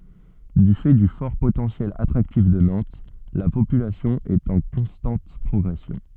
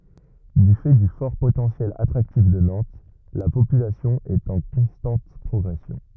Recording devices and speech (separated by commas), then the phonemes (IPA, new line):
soft in-ear microphone, rigid in-ear microphone, read sentence
dy fɛ dy fɔʁ potɑ̃sjɛl atʁaktif də nɑ̃t la popylasjɔ̃ ɛt ɑ̃ kɔ̃stɑ̃t pʁɔɡʁɛsjɔ̃